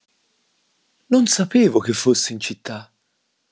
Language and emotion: Italian, surprised